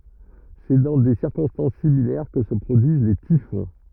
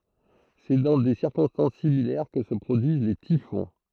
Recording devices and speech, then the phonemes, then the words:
rigid in-ear microphone, throat microphone, read sentence
sɛ dɑ̃ de siʁkɔ̃stɑ̃s similɛʁ kə sə pʁodyiz le tifɔ̃
C'est dans des circonstances similaires que se produisent les typhons.

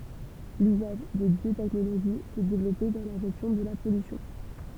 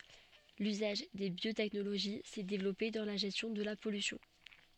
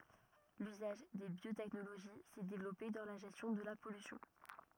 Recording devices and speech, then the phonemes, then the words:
temple vibration pickup, soft in-ear microphone, rigid in-ear microphone, read sentence
lyzaʒ de bjotɛknoloʒi sɛ devlɔpe dɑ̃ la ʒɛstjɔ̃ də la pɔlysjɔ̃
L'usage des biotechnologies s'est développé dans la gestion de la pollution.

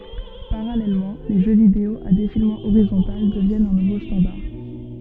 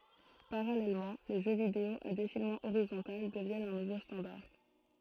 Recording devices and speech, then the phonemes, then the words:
soft in-ear microphone, throat microphone, read sentence
paʁalɛlmɑ̃ le ʒø video a defilmɑ̃ oʁizɔ̃tal dəvjɛnt œ̃ nuvo stɑ̃daʁ
Parallèlement, les jeux vidéo à défilement horizontal deviennent un nouveau standard.

